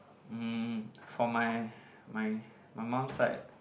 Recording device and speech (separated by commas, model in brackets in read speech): boundary microphone, conversation in the same room